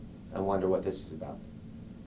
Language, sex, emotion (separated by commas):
English, male, neutral